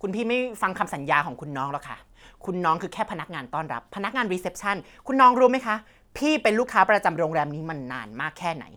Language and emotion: Thai, angry